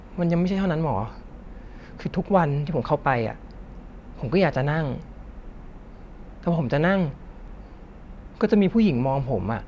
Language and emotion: Thai, frustrated